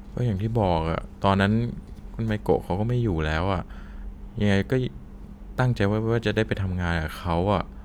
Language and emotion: Thai, sad